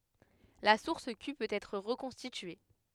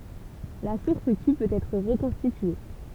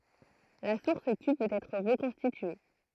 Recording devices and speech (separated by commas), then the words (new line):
headset microphone, temple vibration pickup, throat microphone, read sentence
La source Q peut être reconstituée.